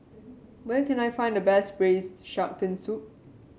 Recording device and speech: mobile phone (Samsung C7), read sentence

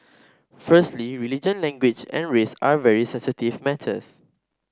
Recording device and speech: standing microphone (AKG C214), read sentence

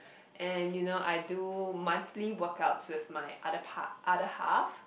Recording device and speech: boundary microphone, conversation in the same room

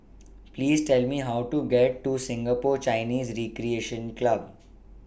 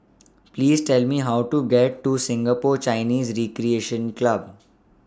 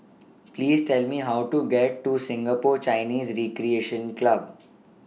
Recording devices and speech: boundary microphone (BM630), standing microphone (AKG C214), mobile phone (iPhone 6), read sentence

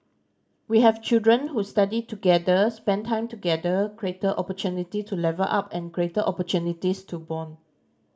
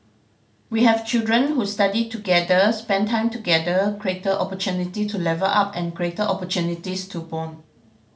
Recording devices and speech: standing microphone (AKG C214), mobile phone (Samsung C5010), read sentence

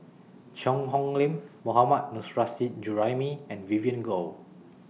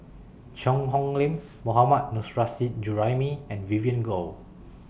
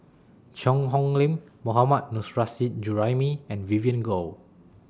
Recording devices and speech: mobile phone (iPhone 6), boundary microphone (BM630), standing microphone (AKG C214), read sentence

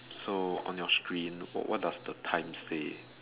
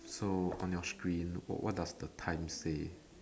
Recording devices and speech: telephone, standing microphone, conversation in separate rooms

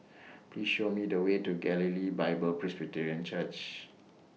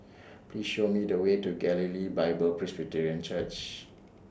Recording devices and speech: mobile phone (iPhone 6), standing microphone (AKG C214), read sentence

